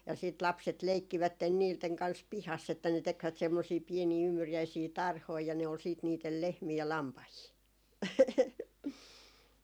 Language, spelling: Finnish, ja sitten lapset leikkivät niiden kanssa pihassa että ne tekivät semmoisia pieniä ymmyriäisiä tarhoja ja ne oli sitten niiden lehmiä ja lampaita
- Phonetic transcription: ja siit 'lapset 'leikkivätten 'niilteŋ kans "pihas että ne 'tekvät semmosii 'pienii 'ymmyrjäisii "tarhoi ja ne ol siit niitel 'lehmii ja 'lampahii .

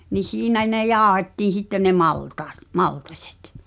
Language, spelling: Finnish, niin siinä ne jauhettiin sitten ne maltaat maltaiset
- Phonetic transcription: ni 'siinä ne "jaaᵒhettiin̬ 'sitte ne "maltaat , "maltaśᴇt .

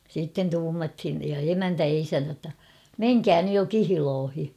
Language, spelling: Finnish, sitten tuumattiin ja emäntä ja isäntä jotta menkää nyt jo kihloihin
- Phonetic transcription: siitten 'tuumathin , ja "emäntä ja 'isäntä ‿tta , » "meŋkää nyj jo "kihiloohi « .

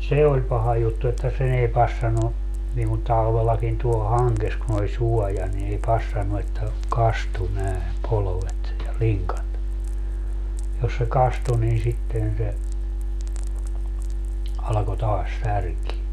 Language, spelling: Finnish, se oli paha juttu että sen ei passannut niin kuin talvellakin tuolla hangessa kun oli suoja niin ei passannut että kastui näin polvet ja linkat jos se kastui niin sitten se alkoi taas särkeä
- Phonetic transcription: "se oĺ 'paha 'juttu että se'n ‿ei 'passanu , niiŋ ku 'talvellakin tuol 'haŋkes kun ‿oĺ 'suɔja ni ei 'passannu että , "kastu nä̀e , 'polovet , ja ('liŋkat) jos se 'kastu nin 'sitten se , alako 'taas 'särkie .

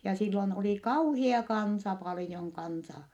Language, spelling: Finnish, ja silloin oli kauhea kansa paljon kansaa
- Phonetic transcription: ja sillon oli kauhia kansa palⁱjoŋ kansaa .

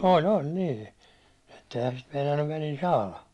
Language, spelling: Finnish, oli oli niin että eihän sitä meinannut välillä saada
- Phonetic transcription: 'oĺ 'oĺ nii , etteihän sit meinannuv välil 'saala .

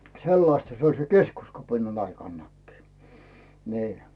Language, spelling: Finnish, sellaista se oli sen keskuskapinan aikanakin niin
- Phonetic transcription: 'sellasta se oĺ se "keskuskapinan 'aikannakkii , nii .

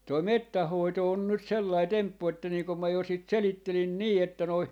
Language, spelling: Finnish, tuo metsän hoito on nyt sellainen temppu että niin kun minä jo sitä selittelin niin että noin
- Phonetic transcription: 'toi "mettäh 'hoito on 'nyt "sellai "temppu että nii kom ma jo 'sìt "selittelin "nii että noi , .

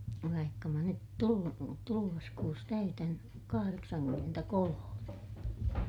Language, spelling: Finnish, vaikka minä nyt - tulevassa kuussa täytän kahdeksankymmentäkolme
- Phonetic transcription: vaikka mä nyt tulu- , tuluvas kuus täytän , kahareksankymmentäkolome .

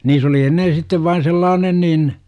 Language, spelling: Finnish, niin oli ennen sitten vain sellainen niin
- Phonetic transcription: niis ‿oli 'ennen̬ sittev vain 'sellaanen niin ,.

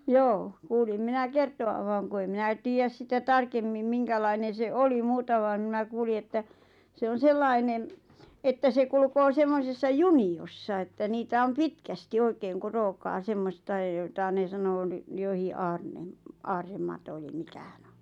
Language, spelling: Finnish, joo kuulin minä kertovan vaan kun ei minä tiedä sitä tarkemmin minkälainen se oli muuta vaan minä kuulin että se on sellainen että se kulkee semmoisessa juniossa että niitä on pitkästi oikein kun rookaa semmoista ja jota ne sanoo niin jokin - aarremato eli mikä hän on
- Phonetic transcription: 'joo , 'kuulim 'minä "kertovav vaaŋ ku ei 'minä 'tiijäs sitä "tarkemmim 'miŋkälainen̬ 'se "oli 'muuta vaaⁿ mnä 'kuuli että , 'se on 'sellainen , että se 'kulᵘkoo 'semmosessa "juni₍ossa että 'niitä om "pitkästi "oikeeŋ ku 'rookaa 'semmosta ʲˉ jota 'ne sanoo ⁿⁱ , johi’ '’aarnem- , "aarre'mato ᵉli 'mⁱkä hᴀ̈ɴ ‿ᴏ .

